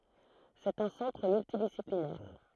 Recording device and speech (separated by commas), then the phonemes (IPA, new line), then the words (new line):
throat microphone, read sentence
sɛt œ̃ sɑ̃tʁ myltidisiplinɛʁ
C'est un centre multidisciplinaire.